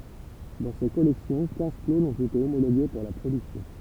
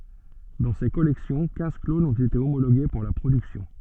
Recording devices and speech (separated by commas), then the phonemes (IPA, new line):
temple vibration pickup, soft in-ear microphone, read sentence
dɑ̃ se kɔlɛksjɔ̃ kɛ̃z klonz ɔ̃t ete omoloɡe puʁ la pʁodyksjɔ̃